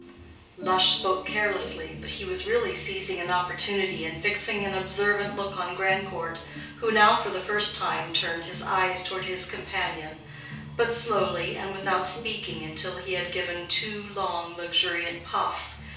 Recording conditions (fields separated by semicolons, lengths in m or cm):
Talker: one person; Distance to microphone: 3.0 m; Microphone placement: far; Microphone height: 1.8 m; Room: small (3.7 m by 2.7 m); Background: music